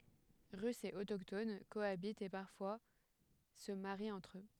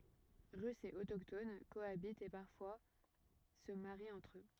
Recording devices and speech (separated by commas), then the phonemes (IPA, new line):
headset microphone, rigid in-ear microphone, read sentence
ʁysz e otokton koabitt e paʁfwa sə maʁit ɑ̃tʁ ø